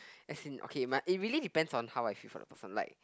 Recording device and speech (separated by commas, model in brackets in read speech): close-talking microphone, conversation in the same room